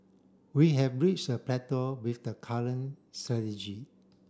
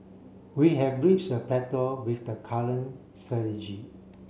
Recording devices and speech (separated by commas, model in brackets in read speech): standing microphone (AKG C214), mobile phone (Samsung C7), read sentence